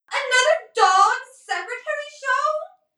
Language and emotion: English, sad